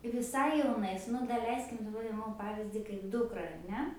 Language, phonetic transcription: Lithuanian, viˈsai jauˈnais nu daˈleiskim daˈbar ˈimam ˈpavyzdį kaip ˈdukra ar ˈne

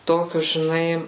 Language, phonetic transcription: Lithuanian, ˈtokius žiˈnai

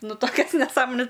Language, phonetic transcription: Lithuanian, ˈnu ˈtokias neˈsąmones

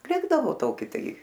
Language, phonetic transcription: Lithuanian, ˈlikdavo ˈtoki ˈtai

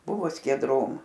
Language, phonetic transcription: Lithuanian, ˈbuvo skieˈdrom

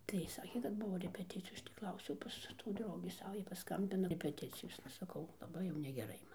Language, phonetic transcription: Lithuanian, tai ˈsakė kad ˈbuvo repeˈticijos ˈaš tį ˈklausiau ˈpas tų ˈdraugį ˈsava ˈjai paˈskambina repeˈticijosna saˈkau laˈbai jau negeˈrai ˈman

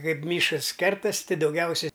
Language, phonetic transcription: Lithuanian, ˈkaip ˈmyškas ˈkertas' ˈti dauˈgiausia

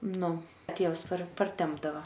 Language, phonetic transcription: Lithuanian, ˈnu ˈtėvs par parˈtempdava

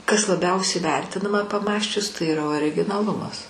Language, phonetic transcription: Lithuanian, kas laˈbiausiai ˈvertinama paˈmąsčius tai yˈra originaˈlumas

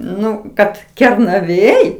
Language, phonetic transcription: Lithuanian, ˈnu ˈkad kernaˈvėj

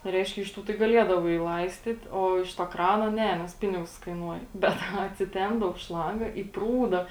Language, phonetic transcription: Lithuanian, ˈreiškia iš ˈtų tai gaˈliedavai ˈlaistyt o iš to ˈkrano ˈne nes ˈpinigus kaiˈnuoja ˈbet aˈna atsiˈtempdav ˈšlanga į ˈprūda

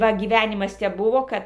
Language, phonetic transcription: Lithuanian, ˈva gyˈvænimas tep ˈbuvo ˈkad

